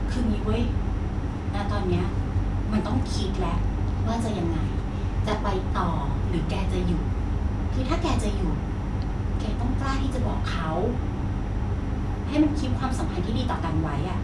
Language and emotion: Thai, frustrated